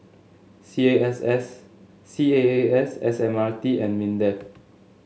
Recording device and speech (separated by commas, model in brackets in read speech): mobile phone (Samsung S8), read sentence